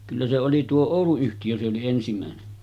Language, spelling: Finnish, kyllä se oli tuo Oulu-yhtiö se oli ensimmäinen
- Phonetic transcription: kyllä se oli tuo 'Òulu-yhtijö se oli 'ensimä̀ene .

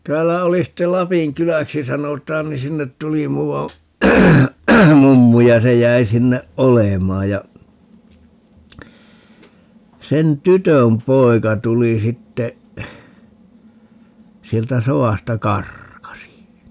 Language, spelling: Finnish, täällä oli sitten Lapin kyläksi sanotaan niin sinne tuli muuan mummu ja se jäi sinne olemaan ja sen tytön poika tuli sitten sieltä sodasta karkasi
- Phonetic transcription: 'täällä oli sittel - "Lapiŋ "kyläksi 'sanot̀aan - ni 'sinnet 'tuli 'muuwa , "mummu ja se 'jäi sinneʼ "ʼolemaa ja , 'sen "tytöm "poi̮ka 'tuli 'sitte , 'sieltä "so₍àsta "karkasi .

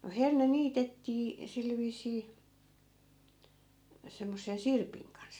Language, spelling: Finnish, no herne niitettiin sillä viisiin semmoisen sirpin kanssa
- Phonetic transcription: no 'herne 'niitettii , 'sil 'viis̀ii , 'semmossen̬ "sirpiŋ kans .

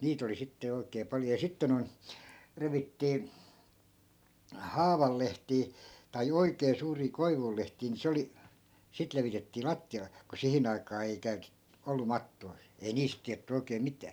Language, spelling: Finnish, niitä oli sitten jo oikein paljon ja sitten noin revittiin haavan lehtiä tai oikein suuria koivun lehtiä niin se oli sitten levitettiin lattialle kun siihen aikaan ei - ollut mattoja ei niistä tiedetty oikein mitään
- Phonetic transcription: 'niit ‿oli 'sitte jo oi̮k̀ee 'paljo ja 'sitte noi̮n , 'revittii , "haaval 'lehtii , tai "oikee 'suurii 'koivul lehtii ni 'se oli , 'sit levitettii "latti₍ale , ku 'sihin ‿aikaa ei 'käytet- , ollu 'mattoi̮ , ei 'niist tiätty oikeem̆ "mitää .

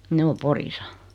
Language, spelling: Finnish, ne on Porissa
- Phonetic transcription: 'ne o 'Porisa .

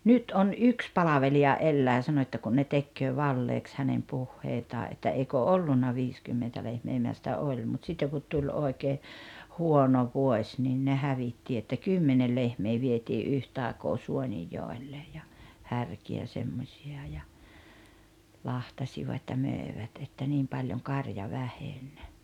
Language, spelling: Finnish, nyt on yksi palvelija elää sanoo että kun ne tekee valheeksi hänen puheitaan että eikä ollut viisikymmentä lehmää minä sanoin että oli mutta sitten kun tuli oikein huono vuosi niin ne hävitti että kymmenen lehmää vietiin yhtä aikaa Suonenjoelle ja härkiä semmoisia ja lahtasivat ja myivät että niin paljon karja väheni
- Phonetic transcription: nyt on "yks 'palaveli₍a 'ellää 'sanoⁱ että kun ne 'tekköö "valleeks hänem "puhheitaa ’että » 'eiko "ollunna 'viiskymmentä lehmee « 'minä s[anoin et]tä » 'oĺ « mut 'sitteŋ kut 'tuĺ 'oekee , "huono "vuoś niin ne 'hävitti että "kymmenel 'lehmee vietii "’yhtài̬koo "Suonijjòellej ja , 'härki₍ä semmośi₍a ja , 'lahtasivat ja 'mö̀evät että 'niim paljoŋ 'karja 'väheń .

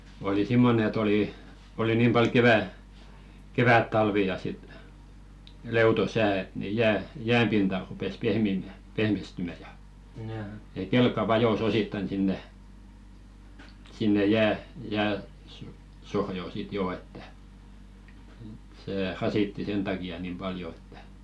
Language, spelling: Finnish, oli semmoinen että oli oli niin paljon - kevättalvi ja sitten leuto sää että niin jää jään pinta rupesi pehmiämään pehmistymään ja ja kelkka vajosi osittain sinne sinne - jääsohjoon sitten jo että se rasitti sen takia niin paljon että
- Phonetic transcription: oli "simmonᵉ ‿et olì , 'oli 'niim pal 'kevä- , "kevät'talvi ja sit , "leuto 'sää et ni 'jää , "jääm pinta rupes "pehmìmä̀ , pehmistymä ja , ja "kelk̆ka "vajos ‿osittaⁱn 'sinne , sinne jää- , jääso-"sohjò 'sit 'joo että , 'sè "rasitti 'sen taki₍a nim "paljo ᴇttᴀ̈ .

